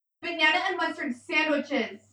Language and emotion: English, angry